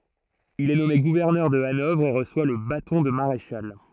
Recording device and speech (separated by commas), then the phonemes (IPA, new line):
throat microphone, read sentence
il ɛ nɔme ɡuvɛʁnœʁ də anɔvʁ e ʁəswa lə batɔ̃ də maʁeʃal